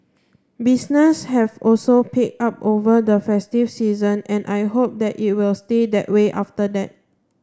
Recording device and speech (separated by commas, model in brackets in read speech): standing microphone (AKG C214), read sentence